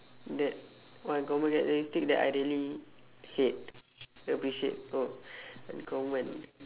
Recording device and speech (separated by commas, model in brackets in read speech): telephone, conversation in separate rooms